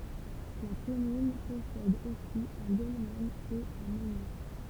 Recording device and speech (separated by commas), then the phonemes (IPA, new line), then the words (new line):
temple vibration pickup, read sentence
la kɔmyn pɔsɛd osi œ̃ dɔlmɛn e œ̃ mɑ̃niʁ
La commune possède aussi un dolmen et un menhir.